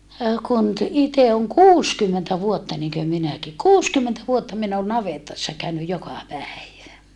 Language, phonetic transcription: Finnish, kun ‿t - ite oŋ kuuskymmentä vuotta niŋkö minäki kuuskymmentä vuotta min ‿on navetassa käynyj joka päivä .
- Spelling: kun - itse on kuusikymmentä vuotta niin kuin minäkin kuusikymmentä vuotta minä olen navetassa käynyt joka päivä

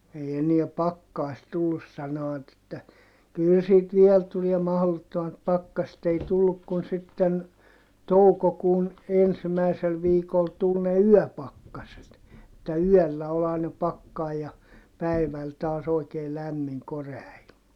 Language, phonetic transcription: Finnish, ei eniä pakkaist tullus sanoᵛat ‿että , » kyl sit viel tuliɛ mahlottomat pakkaset » ‿ei tulluk kun sitten , toukokuun , ensimäisel viikol tul ne yɔ̈̀pakkaset , [et]tä yɔ̈̀llä ol ‿aina pakkai ja , päiväl taas ‿oikee lämmiŋ korea ilma .
- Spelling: ei enää pakkasta tullut sanovat että kyllä sitten vielä tulee mahdottomat pakkaset ei tullut kuin sitten toukokuun ensimmäisellä viikolla tuli ne yöpakkaset että yöllä oli aina pakkanen ja päivällä taas oikein lämmin korea ilma

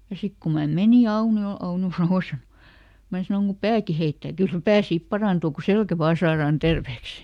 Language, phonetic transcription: Finnish, ja ˈsik ku ma ˈmeni "Auni₍ol , ˈAunjo sanos , ˈmää sanoŋ » ku "pääki ˈheittää » , » ˈkyl ˈpää "sip ˈparàntuu ku "selkä ˈvaa saaraan ˈtervèks » .
- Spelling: ja sitten kun minä menin Auniolle Aunio sanoi minä sanoin kun pääkin heittää kyllä pää sitten parantuu kun selkä vain saadaan terveeksi

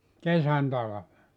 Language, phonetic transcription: Finnish, "kesän 'talave .
- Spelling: kesän talvet

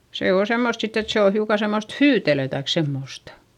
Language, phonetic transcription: Finnish, se oo semmost sitt ‿et se o hiuka semmost hyytelö taik semmòsta .
- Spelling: se on semmoista sitten että se on hiukan semmoista hyytelöä tai semmoista

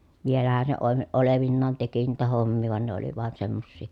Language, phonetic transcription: Finnish, vielähän se oe- olevinnaan teki niitä hommii vàen ne oli vàen semmossì .
- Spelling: vielähän se - olevinaan teki niitä hommia vain ne oli vain semmoisia

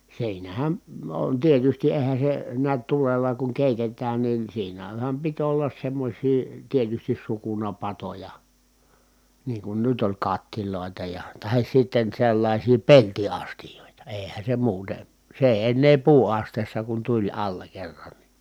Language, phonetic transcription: Finnish, siinähän , on tietysti eehän̬ se , niät tulella kuŋ kèitetään nin siinähäm pit ollas semmośii , tietystis sukunapatoja , niiŋ kun nyt ‿oĺ kat̀tilòi̮ta ja , tahis sitten sellaisii pelti₍astijòita èi̮hän̬ se muute , se èi̮ ennee puu₍asteessa kun tuĺ alla kerran ni .
- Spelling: siinähän on tietysti eihän se näet tulella kun keitetään niin siinähän piti olla semmoisia tietysti sukunapatoja niin kun nyt oli kattiloita ja tai sitten sellaisia peltiastioita eihän se muuten se ei ennen puuastiassa kun tuli alla kerran niin

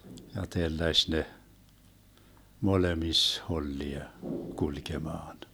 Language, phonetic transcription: Finnish, ja 'telläš 'ne , 'molemis 'hollia , 'kulkemaan .
- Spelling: ja telläsi ne molemmissa hollia kulkemaan

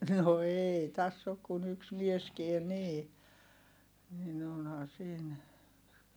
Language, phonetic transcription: Finnish, no èi täss ‿ok kun ‿yks mieskien nii , nin ‿onhaa siin .
- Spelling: no ei tässä ole kuin yksi mieskään niin niin onhan siinä

